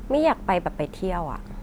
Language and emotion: Thai, frustrated